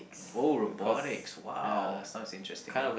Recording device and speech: boundary microphone, conversation in the same room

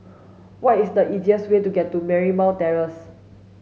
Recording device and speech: mobile phone (Samsung S8), read sentence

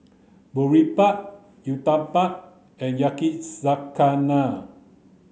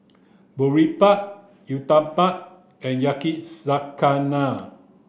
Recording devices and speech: mobile phone (Samsung C9), boundary microphone (BM630), read sentence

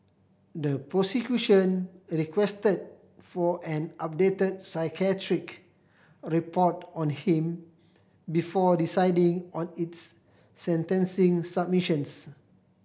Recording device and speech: boundary microphone (BM630), read sentence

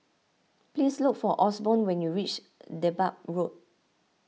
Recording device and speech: mobile phone (iPhone 6), read sentence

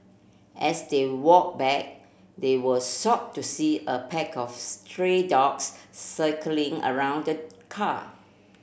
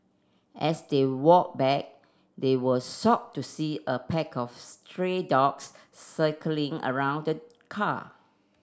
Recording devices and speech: boundary microphone (BM630), standing microphone (AKG C214), read sentence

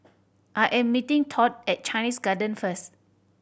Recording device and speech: boundary microphone (BM630), read sentence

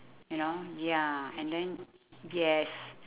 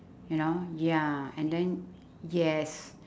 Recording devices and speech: telephone, standing microphone, conversation in separate rooms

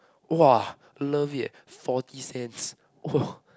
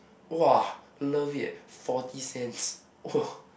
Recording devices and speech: close-talking microphone, boundary microphone, conversation in the same room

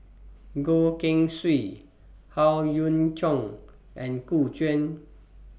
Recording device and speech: boundary microphone (BM630), read sentence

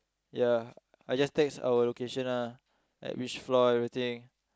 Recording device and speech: close-talking microphone, conversation in the same room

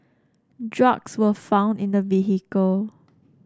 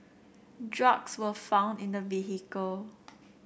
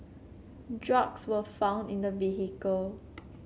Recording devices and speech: standing microphone (AKG C214), boundary microphone (BM630), mobile phone (Samsung C7), read sentence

